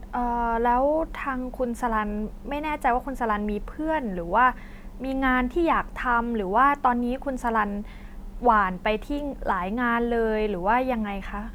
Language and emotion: Thai, neutral